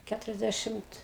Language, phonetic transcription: Lithuanian, ˈkæturiasˌdæšimt

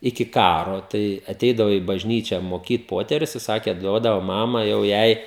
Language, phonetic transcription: Lithuanian, iki ˈkaro ˈtai aˈteidavo į bažˈnyčią moˈkyt ˈpoterius i ˈsakė ˈduodavo ˈmama jau ˈjai

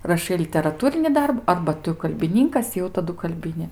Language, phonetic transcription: Lithuanian, raˈšai literaˈtūrini ˈdarbu ˈarba ˈtu kalbiˈninkas jau taˈdu kalˈbini

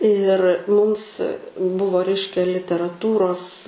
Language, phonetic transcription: Lithuanian, ir ˈmums ˈbuvo ˈreiškia literaˈtūros

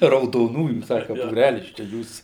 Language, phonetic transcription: Lithuanian, raudoˈnųjų ˈsaka būˈrælis čia ˈjūs

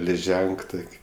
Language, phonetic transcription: Lithuanian, liˈženk ˈtok'

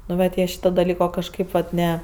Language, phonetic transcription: Lithuanian, nu ˈvat ˈjie ˈšyto daˈlyko ˈkažkėp vat ˈne

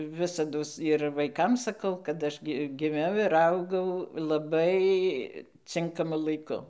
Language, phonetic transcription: Lithuanian, ˈvisados ir vaiˈkam saˈkau kad ˈaš gi giˈmiau ir ˈaugau laˈbai ˈcinkamu laiˈku

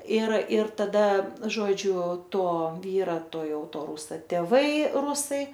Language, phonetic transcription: Lithuanian, ir ir taˈda ˈžodžiu ˈto ˈvyra ˈto ˈjau ˈto ˈrūsa tėˈvai ˈrusai

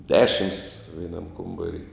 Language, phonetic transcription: Lithuanian, ˈdešims veiˈnam ˈkombari

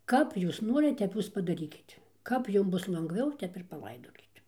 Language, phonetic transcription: Lithuanian, ˈkap ˈjūs ˈnorit ˈtep ˈjūs padaˈrykit ˈkap ˈjum ˈbus langˈviau ˈtep ir paˈlaidokit

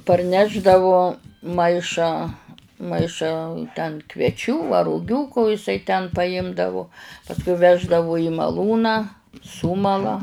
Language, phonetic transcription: Lithuanian, parˈnešdavu ˈmaišą ˈmaišą ten kvieˈčių a ruˈgių ko iˈsai ten paˈimdavu pasˈkui ˈveždavu i maˈlūną ˈsumala

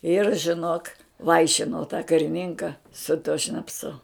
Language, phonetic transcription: Lithuanian, ir žiˈnok ˈvaišino tą kariˈninka su tuo šnapˈsu

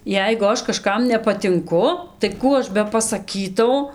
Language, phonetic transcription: Lithuanian, ˈjeigu ˈaš kaˈžkam nepatinˈku tai ˈkų ˈaš bepasaˈkytau

